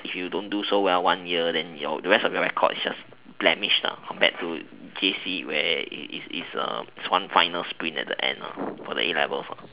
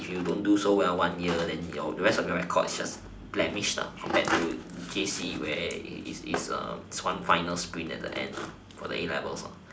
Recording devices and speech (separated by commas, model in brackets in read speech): telephone, standing microphone, conversation in separate rooms